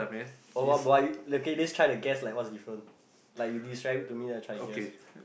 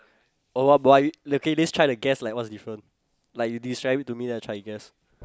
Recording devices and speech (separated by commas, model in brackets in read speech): boundary microphone, close-talking microphone, conversation in the same room